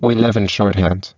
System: VC, spectral filtering